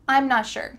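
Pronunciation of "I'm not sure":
'I'm not sure' is said quickly, and the t at the end of 'not' is cut off, so it is barely heard.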